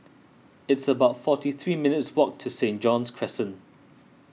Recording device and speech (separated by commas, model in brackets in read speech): mobile phone (iPhone 6), read sentence